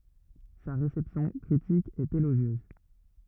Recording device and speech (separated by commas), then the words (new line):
rigid in-ear microphone, read sentence
Sa réception critique est élogieuse.